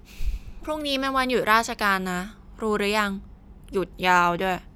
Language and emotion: Thai, frustrated